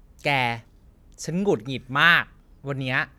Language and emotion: Thai, frustrated